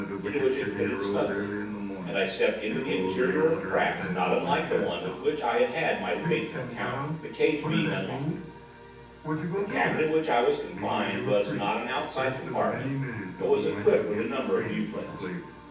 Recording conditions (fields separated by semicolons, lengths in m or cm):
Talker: one person; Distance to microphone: 9.8 m; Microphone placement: far; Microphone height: 1.8 m; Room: large; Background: television